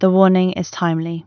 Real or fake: real